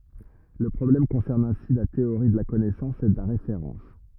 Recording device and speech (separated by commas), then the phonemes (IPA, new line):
rigid in-ear microphone, read sentence
lə pʁɔblɛm kɔ̃sɛʁn ɛ̃si la teoʁi də la kɔnɛsɑ̃s e də la ʁefeʁɑ̃s